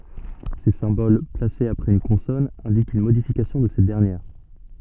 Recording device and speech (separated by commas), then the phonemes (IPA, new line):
soft in-ear microphone, read sentence
se sɛ̃bol plasez apʁɛz yn kɔ̃sɔn ɛ̃dikt yn modifikasjɔ̃ də sɛt dɛʁnjɛʁ